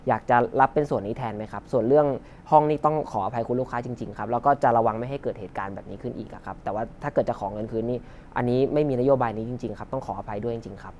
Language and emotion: Thai, frustrated